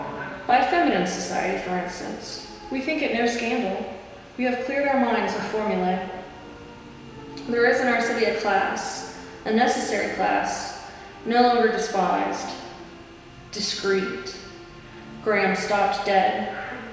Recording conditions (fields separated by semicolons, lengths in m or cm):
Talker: one person; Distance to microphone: 1.7 m; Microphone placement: close; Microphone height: 1.0 m; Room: very reverberant, large; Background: television